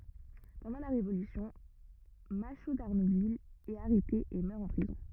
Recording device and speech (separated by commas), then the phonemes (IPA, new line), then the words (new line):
rigid in-ear microphone, read sentence
pɑ̃dɑ̃ la ʁevolysjɔ̃ maʃo daʁnuvil ɛt aʁɛte e mœʁ ɑ̃ pʁizɔ̃
Pendant la Révolution, Machault d'Arnouville est arrêté et meurt en prison.